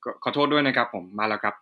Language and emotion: Thai, neutral